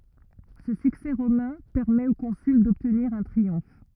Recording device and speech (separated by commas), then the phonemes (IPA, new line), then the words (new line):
rigid in-ear microphone, read sentence
sə syksɛ ʁomɛ̃ pɛʁmɛt o kɔ̃syl dɔbtniʁ œ̃ tʁiɔ̃f
Ce succès romain permet au consul d'obtenir un triomphe.